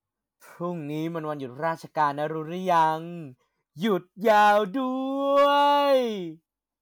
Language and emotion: Thai, happy